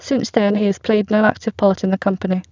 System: VC, spectral filtering